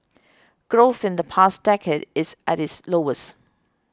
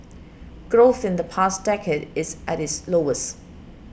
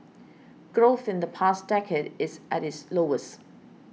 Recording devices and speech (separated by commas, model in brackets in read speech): close-talking microphone (WH20), boundary microphone (BM630), mobile phone (iPhone 6), read sentence